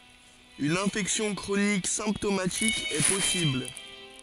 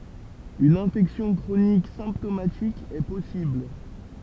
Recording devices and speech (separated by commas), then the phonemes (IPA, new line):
forehead accelerometer, temple vibration pickup, read sentence
yn ɛ̃fɛksjɔ̃ kʁonik sɛ̃ptomatik ɛ pɔsibl